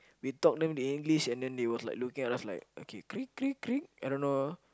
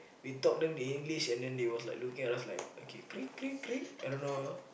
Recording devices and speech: close-talking microphone, boundary microphone, conversation in the same room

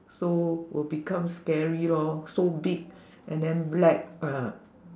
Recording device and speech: standing microphone, conversation in separate rooms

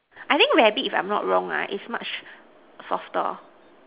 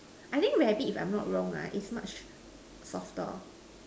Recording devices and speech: telephone, standing microphone, conversation in separate rooms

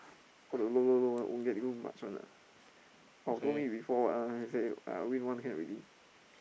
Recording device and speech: boundary microphone, conversation in the same room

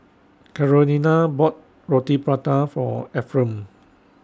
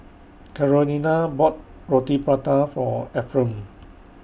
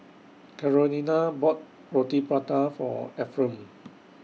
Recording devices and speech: standing microphone (AKG C214), boundary microphone (BM630), mobile phone (iPhone 6), read sentence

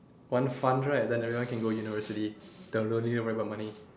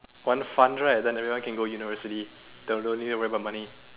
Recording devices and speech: standing microphone, telephone, conversation in separate rooms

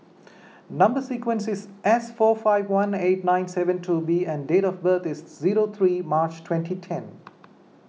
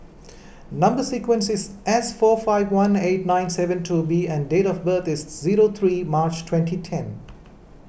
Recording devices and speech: mobile phone (iPhone 6), boundary microphone (BM630), read sentence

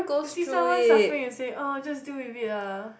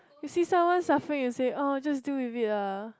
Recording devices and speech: boundary microphone, close-talking microphone, conversation in the same room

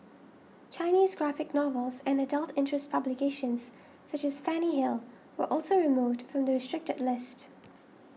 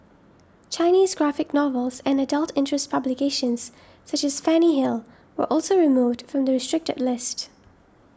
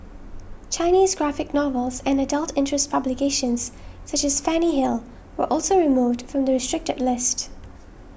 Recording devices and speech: mobile phone (iPhone 6), standing microphone (AKG C214), boundary microphone (BM630), read sentence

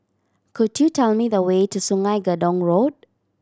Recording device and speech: standing microphone (AKG C214), read sentence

